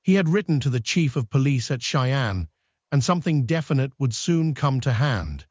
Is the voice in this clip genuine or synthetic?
synthetic